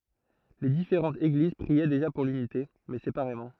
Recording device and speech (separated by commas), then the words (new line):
throat microphone, read sentence
Les différentes Églises priaient déjà pour l'unité, mais séparément.